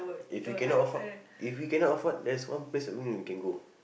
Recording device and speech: boundary microphone, conversation in the same room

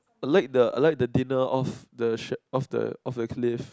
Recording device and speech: close-talking microphone, conversation in the same room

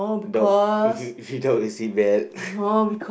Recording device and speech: boundary microphone, conversation in the same room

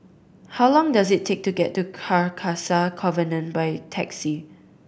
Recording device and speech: boundary microphone (BM630), read sentence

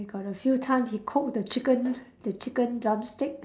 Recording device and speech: standing microphone, conversation in separate rooms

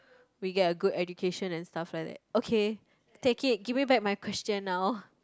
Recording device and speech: close-talking microphone, conversation in the same room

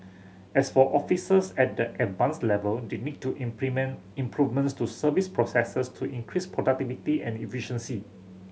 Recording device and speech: mobile phone (Samsung C7100), read sentence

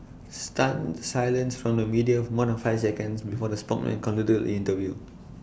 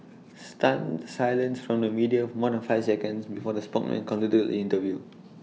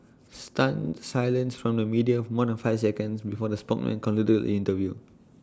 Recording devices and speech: boundary microphone (BM630), mobile phone (iPhone 6), standing microphone (AKG C214), read sentence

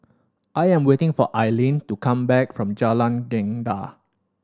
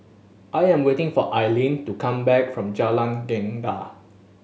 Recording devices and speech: standing microphone (AKG C214), mobile phone (Samsung S8), read sentence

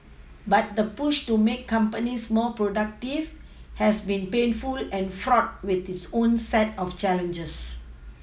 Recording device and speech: mobile phone (iPhone 6), read sentence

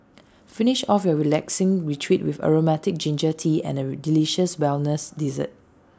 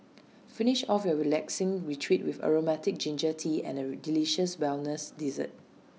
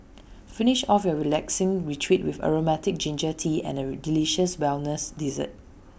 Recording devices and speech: standing microphone (AKG C214), mobile phone (iPhone 6), boundary microphone (BM630), read sentence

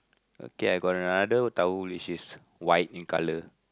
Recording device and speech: close-talking microphone, conversation in the same room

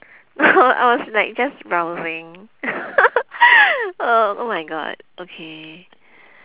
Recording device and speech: telephone, conversation in separate rooms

